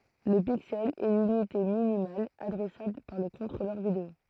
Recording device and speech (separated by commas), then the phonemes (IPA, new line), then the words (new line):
throat microphone, read sentence
lə piksɛl ɛ lynite minimal adʁɛsabl paʁ lə kɔ̃tʁolœʁ video
Le pixel est l'unité minimale adressable par le contrôleur vidéo.